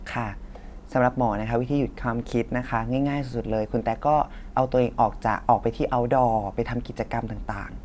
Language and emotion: Thai, neutral